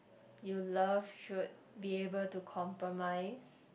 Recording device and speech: boundary microphone, conversation in the same room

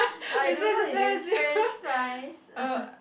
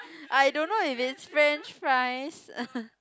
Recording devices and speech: boundary microphone, close-talking microphone, conversation in the same room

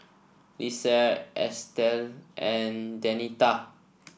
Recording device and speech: boundary microphone (BM630), read sentence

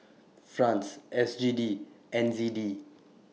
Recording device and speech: mobile phone (iPhone 6), read sentence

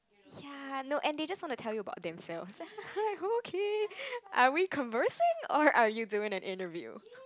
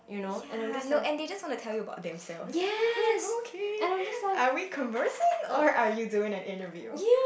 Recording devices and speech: close-talking microphone, boundary microphone, conversation in the same room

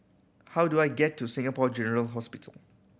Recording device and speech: boundary microphone (BM630), read sentence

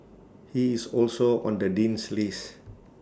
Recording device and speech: standing microphone (AKG C214), read sentence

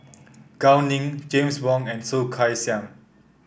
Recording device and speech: boundary microphone (BM630), read sentence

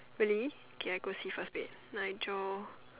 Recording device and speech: telephone, conversation in separate rooms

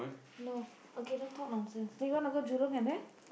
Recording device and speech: boundary microphone, conversation in the same room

